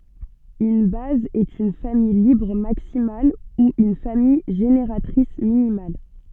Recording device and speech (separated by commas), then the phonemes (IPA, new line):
soft in-ear microphone, read sentence
yn baz ɛt yn famij libʁ maksimal u yn famij ʒeneʁatʁis minimal